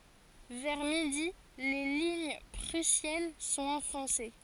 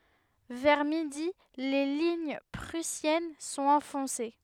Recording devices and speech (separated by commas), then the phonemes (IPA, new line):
forehead accelerometer, headset microphone, read sentence
vɛʁ midi le liɲ pʁysjɛn sɔ̃t ɑ̃fɔ̃se